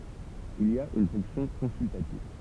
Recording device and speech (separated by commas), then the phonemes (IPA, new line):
temple vibration pickup, read sentence
il a yn fɔ̃ksjɔ̃ kɔ̃syltativ